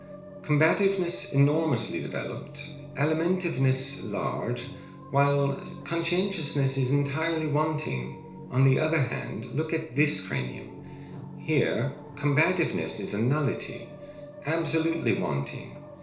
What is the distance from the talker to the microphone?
1.0 m.